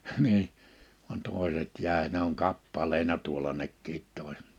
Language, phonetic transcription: Finnish, hnii , van 'tòiset 'jä̀e ne ‿oŋ 'kappaleina tuola nekkiit 'tòis(et) .
- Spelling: niin vaan toiset jäi ne on kappaleina tuolla nekin toiset

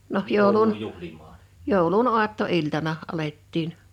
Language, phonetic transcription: Finnish, noh 'jòulun , 'jòulun "uatto'iltana , 'alettiin .
- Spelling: no joulun joulun aattoiltana alettiin

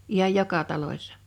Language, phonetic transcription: Finnish, 'ihaj "joka 'talośsa .
- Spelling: ihan joka talossa

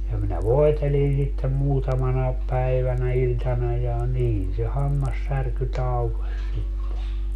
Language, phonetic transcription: Finnish, ja minä "voetelin sittem 'muutamanaep 'päivänä 'iĺtana ja 'niin se 'hammassärky 'taukoś sitte .
- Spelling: ja minä voitelin sitten muutamana päivänä iltana ja niin se hammassärky taukosi sitten

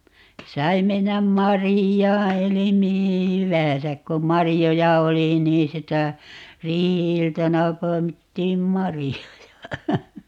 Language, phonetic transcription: Finnish, 'sai 'mennäm "marijaa 'eli 'mihi "hyvää̰säk 'kom "marijoja 'oli nii 'sitä , 'riihi₍iltana 'poi̮mittiim "marijoja .
- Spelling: sai mennä marjaan eli mihin hyvänsä kun marjoja oli niin sitä riihi-iltana poimittiin marjoja

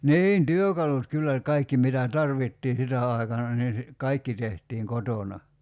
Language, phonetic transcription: Finnish, 'niin "työkalut 'kyllä , 'kaikki mitä "tarvittii 'sitä ài̬kana nii si- , "kaikki tehtiiŋ 'kotona .
- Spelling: niin työkalut kyllä kaikki mitä tarvittiin sitä aikana niin - kaikki tehtiin kotona

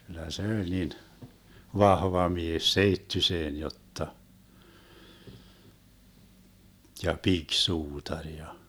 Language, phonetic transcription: Finnish, 'kyllä se oĺ 'nin , "vahva 'mies 'seittyseen 'jotta , 'ja "piksuutaŕ ja ,.
- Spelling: kyllä se oli niin vahva mies seittyiseen jotta ja pikisuutari ja

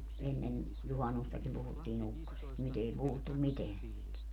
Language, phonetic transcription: Finnish, 'ennen , 'juhannustakim 'puhuttii"n ‿ukkosest , 'nyt ‿ei 'puhuttum "miteän siit .
- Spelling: ennen juhannustakin puhuttiin ukkosesta nyt ei puhuttu mitään siitä

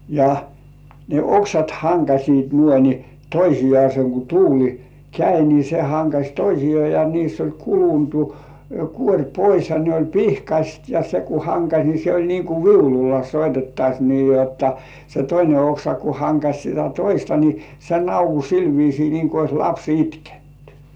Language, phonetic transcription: Finnish, ja , ne "oksat 'haŋkaśiit nuoi ni , "toisijŏàse ku 'tuuli , "käi ni se 'haŋkaś "toisijoà ja niiss ‿oĺ 'kuluntu , "kuoŕ "pois ja 'ne oĺ "pihkaśt ja 'se ku "haŋkaś ni se oĺ niiŋ ku "viululla 'soitettaś nii jotta se "toine 'oksa ku 'haŋkaś sitä "toista ni , se "nauku 'sil viisii niiŋ ku ois "laps 'itkenty .
- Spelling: ja ne oksat hankasivat noin niin toisiaan kun tuuli kävi niin se hankasi toisiaan ja niissä oli kulunut kuori pois ja ne oli pihkaiset ja se kun hankasi niin se oli niin kuin viululla soitettaisiin niin jotta se toinen oksa kun hankasi sitä toista niin se naukui sillä viisiin niin kuin olisi lapsi itkenyt

